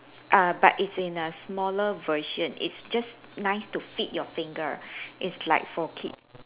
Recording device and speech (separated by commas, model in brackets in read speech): telephone, conversation in separate rooms